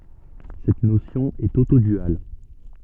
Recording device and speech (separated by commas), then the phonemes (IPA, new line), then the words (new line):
soft in-ear microphone, read sentence
sɛt nosjɔ̃ ɛt otodyal
Cette notion est autoduale.